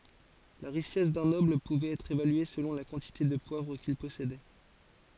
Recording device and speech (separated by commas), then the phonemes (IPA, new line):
forehead accelerometer, read sentence
la ʁiʃɛs dœ̃ nɔbl puvɛt ɛtʁ evalye səlɔ̃ la kɑ̃tite də pwavʁ kil pɔsedɛ